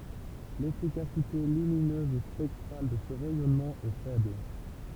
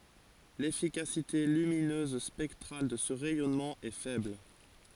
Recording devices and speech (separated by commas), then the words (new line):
temple vibration pickup, forehead accelerometer, read sentence
L'efficacité lumineuse spectrale de ce rayonnement est faible.